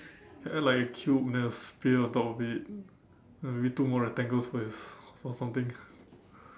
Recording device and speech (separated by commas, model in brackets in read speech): standing microphone, conversation in separate rooms